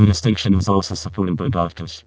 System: VC, vocoder